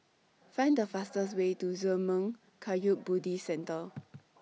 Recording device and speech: mobile phone (iPhone 6), read sentence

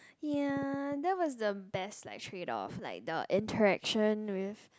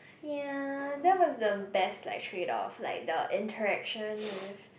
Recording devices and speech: close-talking microphone, boundary microphone, conversation in the same room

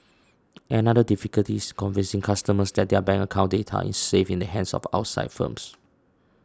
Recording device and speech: standing microphone (AKG C214), read sentence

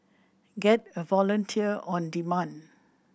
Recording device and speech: boundary microphone (BM630), read sentence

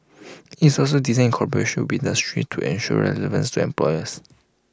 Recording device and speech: close-talking microphone (WH20), read sentence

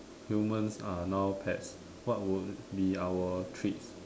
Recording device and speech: standing microphone, conversation in separate rooms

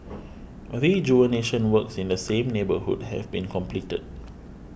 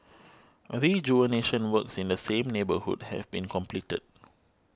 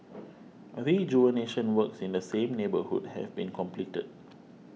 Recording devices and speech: boundary microphone (BM630), close-talking microphone (WH20), mobile phone (iPhone 6), read sentence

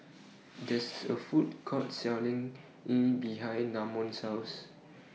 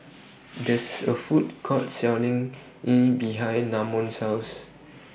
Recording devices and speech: mobile phone (iPhone 6), boundary microphone (BM630), read sentence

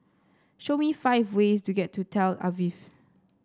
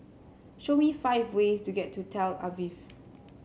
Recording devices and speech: standing microphone (AKG C214), mobile phone (Samsung C7), read sentence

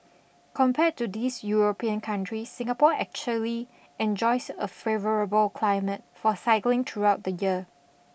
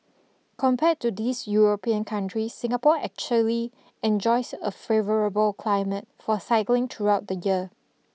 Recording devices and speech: boundary microphone (BM630), mobile phone (iPhone 6), read sentence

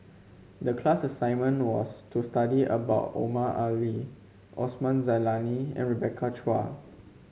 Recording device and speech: mobile phone (Samsung C5), read sentence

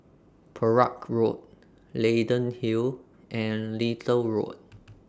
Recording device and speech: standing microphone (AKG C214), read sentence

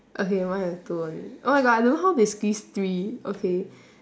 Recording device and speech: standing microphone, conversation in separate rooms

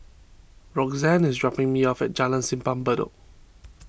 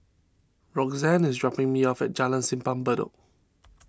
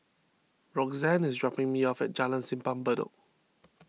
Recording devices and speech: boundary microphone (BM630), standing microphone (AKG C214), mobile phone (iPhone 6), read sentence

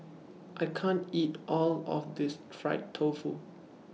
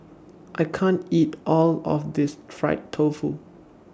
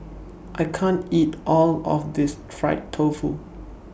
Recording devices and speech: mobile phone (iPhone 6), standing microphone (AKG C214), boundary microphone (BM630), read sentence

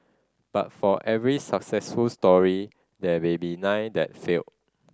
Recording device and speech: standing microphone (AKG C214), read sentence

